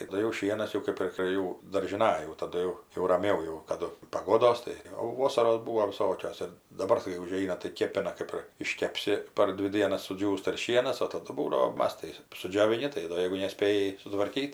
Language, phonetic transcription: Lithuanian, taˈdu jau ˈšienas jau ˈkaip ir prė ˈjų daržiˈnaj jau taˈdu jau raˈmiau jau kaˈdu paˈgodos tai ˈjau ˈvosaros ˈbūvo viˈsokios ˈir daˈbar kai uˈžeina tai ˈkėpina ˈkɜp ir iškepˈsi par ˈdvi ˈdienas suˈdžiūsta ir ˈšienas o taˈdu ˈbūdavo ˈmas tai sudžioviˈni tai ˈdo ˈjeigu neˈspėji sutvarˈkyt

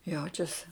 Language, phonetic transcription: Lithuanian, ˈjaučiasi

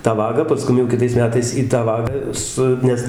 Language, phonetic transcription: Lithuanian, tą ˈvagą paˈskum jau kiˈtais ˈmetais į tą ˈvagą ˈsu ˈnes

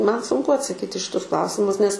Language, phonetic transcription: Lithuanian, ˈman sunˈku atsaˈkyt' i šiˈtus ˈklausimus nes

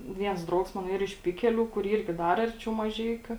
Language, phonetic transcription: Lithuanian, ˈviens ˈdraugs ˈmano ˈyr iš ˈpikeˌlių kur ˈyrgi ˈdar ˈarˌčiau maˈžeikiu

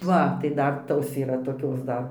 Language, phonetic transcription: Lithuanian, ˈva tai ˈdar ˈtos yˈra toˈkios ˈdar

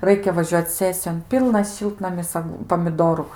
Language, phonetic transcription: Lithuanian, ˈraikia vaˈžiuoc ˈsesijon ˈpylnas ˈšiltnamis ˈag pamiˈdoru

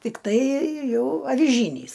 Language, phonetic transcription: Lithuanian, tikˈtai ˈjau aviˈžynys

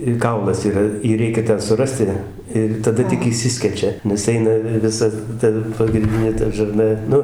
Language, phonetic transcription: Lithuanian, i ˈkaulas yˈra ˈjį ˈreikia ˈten suˈrasti ir taˈda tik išˈsiskečia nes ˈeina vi viˈsa ˈta pagrinˈdinė ˈta žarˈna ˈnu

